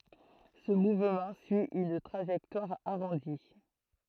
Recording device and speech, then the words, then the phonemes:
throat microphone, read sentence
Ce mouvement suit une trajectoire arrondie.
sə muvmɑ̃ syi yn tʁaʒɛktwaʁ aʁɔ̃di

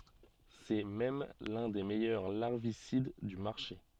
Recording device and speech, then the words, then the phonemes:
soft in-ear microphone, read sentence
C'est même l'un des meilleurs larvicides du marché.
sɛ mɛm lœ̃ de mɛjœʁ laʁvisid dy maʁʃe

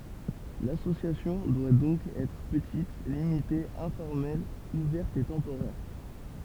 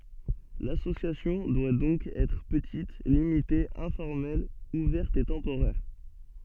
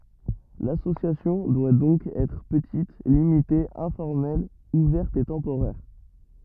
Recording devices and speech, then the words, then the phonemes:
temple vibration pickup, soft in-ear microphone, rigid in-ear microphone, read sentence
L'association doit donc être petite, limitée, informelle, ouverte et temporaire.
lasosjasjɔ̃ dwa dɔ̃k ɛtʁ pətit limite ɛ̃fɔʁmɛl uvɛʁt e tɑ̃poʁɛʁ

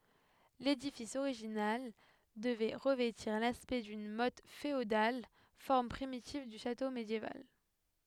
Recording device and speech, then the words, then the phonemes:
headset microphone, read sentence
L'édifice original devait revêtir l'aspect d'une motte féodale, forme primitive du château médiéval.
ledifis oʁiʒinal dəvɛ ʁəvɛtiʁ laspɛkt dyn mɔt feodal fɔʁm pʁimitiv dy ʃato medjeval

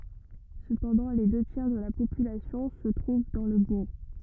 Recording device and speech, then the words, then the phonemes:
rigid in-ear microphone, read sentence
Cependant, les deux tiers de la population se trouvent dans le bourg.
səpɑ̃dɑ̃ le dø tjɛʁ də la popylasjɔ̃ sə tʁuv dɑ̃ lə buʁ

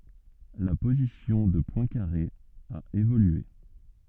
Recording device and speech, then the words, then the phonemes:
soft in-ear microphone, read sentence
La position de Poincaré a évolué.
la pozisjɔ̃ də pwɛ̃kaʁe a evolye

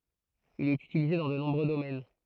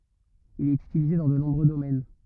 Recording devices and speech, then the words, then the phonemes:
throat microphone, rigid in-ear microphone, read sentence
Il est utilisé dans de nombreux domaines.
il ɛt ytilize dɑ̃ də nɔ̃bʁø domɛn

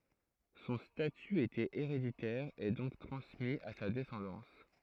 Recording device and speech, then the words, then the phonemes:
throat microphone, read sentence
Son statut était héréditaire et donc transmis à sa descendance.
sɔ̃ staty etɛt eʁeditɛʁ e dɔ̃k tʁɑ̃smi a sa dɛsɑ̃dɑ̃s

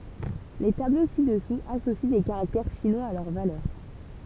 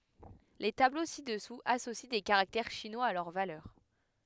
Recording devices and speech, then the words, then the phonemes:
temple vibration pickup, headset microphone, read sentence
Les tableaux ci-dessous associent des caractères chinois à leur valeur.
le tablo sidɛsuz asosi de kaʁaktɛʁ ʃinwaz a lœʁ valœʁ

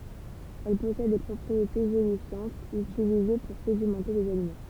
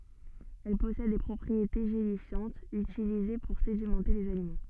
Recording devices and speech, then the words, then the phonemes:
temple vibration pickup, soft in-ear microphone, read sentence
Elle possède des propriétés gélifiantes utilisées pour sédimenter les aliments.
ɛl pɔsɛd de pʁɔpʁiete ʒelifjɑ̃tz ytilize puʁ sedimɑ̃te lez alimɑ̃

